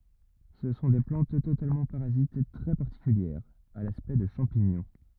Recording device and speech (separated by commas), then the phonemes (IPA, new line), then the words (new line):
rigid in-ear microphone, read sentence
sə sɔ̃ de plɑ̃t totalmɑ̃ paʁazit tʁɛ paʁtikyljɛʁz a laspɛkt də ʃɑ̃piɲɔ̃
Ce sont des plantes totalement parasites très particulières, à l'aspect de champignons.